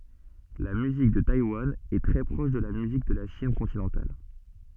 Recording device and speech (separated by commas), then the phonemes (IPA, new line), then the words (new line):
soft in-ear microphone, read sentence
la myzik də tajwan ɛ tʁɛ pʁɔʃ də la myzik də la ʃin kɔ̃tinɑ̃tal
La musique de Taïwan est très proche de la musique de la Chine continentale.